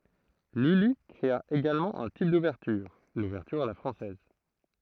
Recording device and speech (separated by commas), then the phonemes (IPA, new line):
throat microphone, read sentence
lyli kʁea eɡalmɑ̃ œ̃ tip duvɛʁtyʁ luvɛʁtyʁ a la fʁɑ̃sɛz